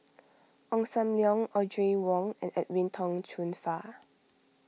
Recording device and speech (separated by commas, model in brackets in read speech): mobile phone (iPhone 6), read sentence